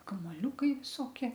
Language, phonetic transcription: Lithuanian, kamoˈliūkai viˈsokie

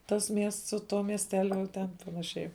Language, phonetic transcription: Lithuanian, ˈtas ˈmiests su ˈtuo miesˈteliu jau ˈten panaˈšiai

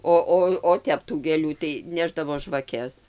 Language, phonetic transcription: Lithuanian, ˈo ˈo o ˈtep tų gėˈlių tai ˈnešdavo žvaˈkes

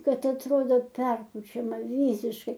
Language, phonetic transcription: Lithuanian, ˈkad atˈrodo ˈperpučiama ˈvysiškai

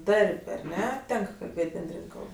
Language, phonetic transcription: Lithuanian, ˈdarb' ar ˈne ˈtenk kalˈbėt' benˈdrin' ˈkalb

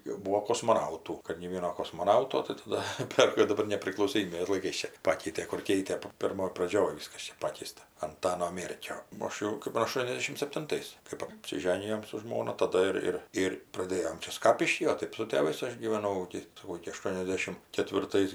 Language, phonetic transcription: Lithuanian, jau ˈbūo kosmoˈnautų kad nė ˈvieno kosmoˈnauto tɜ taˈda ˈper jau daˈbar nepriklausoˈmybės laiˈkais ˈčia ˈpakeitė kur ˈkeitė pirˈmoj praˈdžioj ˈvyskas ˈčia ˈpakeista anˈtano ˈmėrkio o ˈaš jau kɜp aˈštuoniasdešim septinˈtais kɜp apsiˈženijom su ˈžmona taˈda ir ˈir ˈir praˈdėjom ˈčia ˈskapišky o ˈtɜp su tėˈvais ˈaš gyveˈnau iki saˈkau iki aˈštuoniasdešim ketvirˈtais

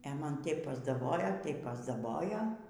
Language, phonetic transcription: Lithuanian, e ˈman ˈteip pasdaˈbojo ˈtaip pasdaˈbojo

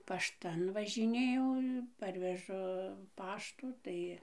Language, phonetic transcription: Lithuanian, pašˈtan važiˈnėjau ˈparvežu ˈpaštų ˈtai

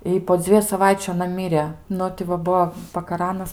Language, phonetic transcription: Lithuanian, i po ˈdzvieju saˈvaičiu aˈna ˈmyrė ˈnu ti va ˈbuo pakaˈranas

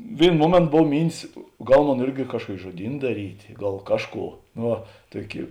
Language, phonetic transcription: Lithuanian, ˈvėino ˈmuomėnto ˈbov ˈmyntis ˈgal ˈmon ˈirgi ˈkažkuoki žuoˈdyn daˈrytė ˈgal ˈkažˌkų no ˈva ˈtuoˌki

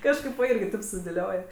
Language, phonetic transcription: Lithuanian, ˈkažkaip va ˈirgi ˈtaip sudėˈlioj

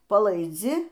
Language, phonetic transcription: Lithuanian, palaiˈdzi

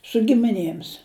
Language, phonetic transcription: Lithuanian, su gimiˈnėms

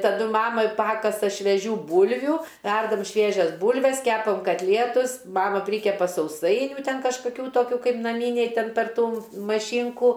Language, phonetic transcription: Lithuanian, taˈdu ˈmama ˈpakasa šveˈžių ˈbūlviu ˈverdam ˈšviežias ˈbūlves ˈkepam katˈlietus ˈmama ˈprykepa sauˈsainiu ˈten kažkaˈkių ˈtokių ˈkaip naˈmyniai ˈten per ˈtų maˈšynkų

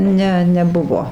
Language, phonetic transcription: Lithuanian, ˈne neˈbuvo

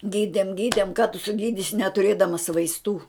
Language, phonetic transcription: Lithuanian, ˈgydem ˈgydem ka tu suˈgydisi netuˈrėdamas vaisˈtų

